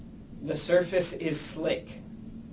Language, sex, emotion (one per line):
English
male
neutral